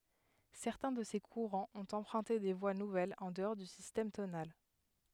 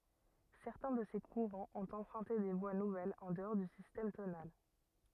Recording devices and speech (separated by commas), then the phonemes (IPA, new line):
headset microphone, rigid in-ear microphone, read sentence
sɛʁtɛ̃ də se kuʁɑ̃z ɔ̃t ɑ̃pʁœ̃te de vwa nuvɛlz ɑ̃ dəɔʁ dy sistɛm tonal